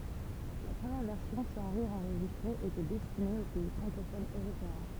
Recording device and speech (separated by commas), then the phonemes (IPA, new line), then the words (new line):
temple vibration pickup, read sentence
la pʁəmjɛʁ vɛʁsjɔ̃ sɑ̃ ʁiʁz ɑ̃ʁʒistʁez etɛ dɛstine o pɛi fʁɑ̃kofonz øʁopeɛ̃
La première version sans rires enregistrés était destinée aux pays francophones européens.